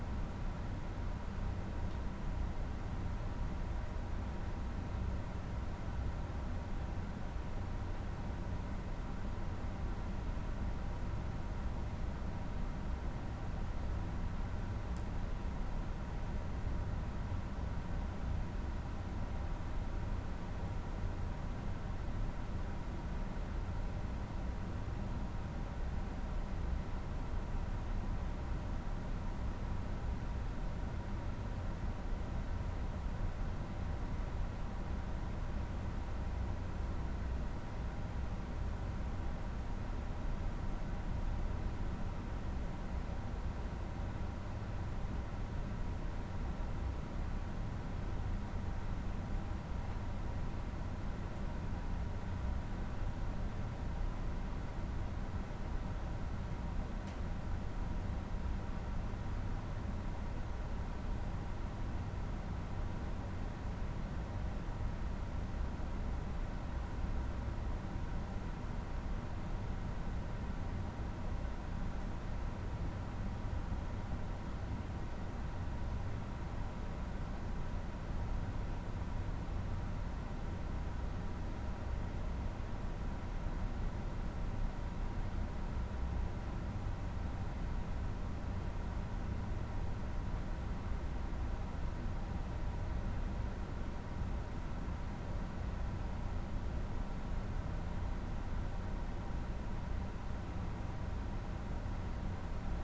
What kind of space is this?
A medium-sized room (about 5.7 m by 4.0 m).